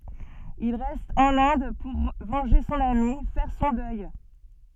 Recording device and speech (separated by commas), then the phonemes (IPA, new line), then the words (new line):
soft in-ear microphone, read sentence
il ʁɛst ɑ̃n ɛ̃d puʁ vɑ̃ʒe sɔ̃n ami fɛʁ sɔ̃ dœj
Il reste en Inde pour venger son amie, faire son deuil.